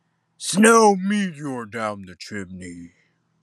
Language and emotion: English, disgusted